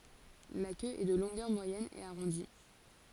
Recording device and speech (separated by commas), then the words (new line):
forehead accelerometer, read sentence
La queue est de longueur moyenne et arrondie.